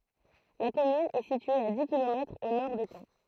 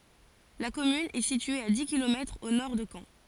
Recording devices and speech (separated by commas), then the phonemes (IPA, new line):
throat microphone, forehead accelerometer, read sentence
la kɔmyn ɛ sitye a di kilomɛtʁz o nɔʁ də kɑ̃